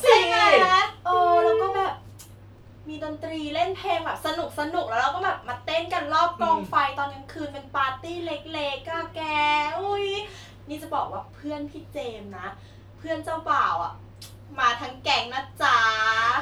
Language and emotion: Thai, happy